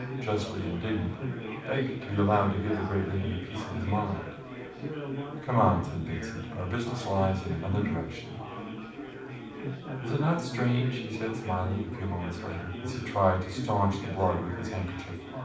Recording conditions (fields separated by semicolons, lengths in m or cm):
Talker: one person; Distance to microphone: 5.8 m; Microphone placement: far; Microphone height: 1.8 m; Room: medium-sized (5.7 m by 4.0 m); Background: babble